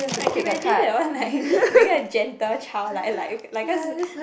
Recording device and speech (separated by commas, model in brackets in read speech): boundary microphone, conversation in the same room